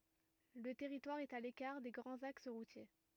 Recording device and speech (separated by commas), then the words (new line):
rigid in-ear microphone, read sentence
Le territoire est à l'écart des grands axes routiers.